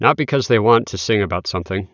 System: none